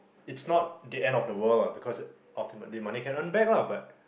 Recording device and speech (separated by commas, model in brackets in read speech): boundary microphone, conversation in the same room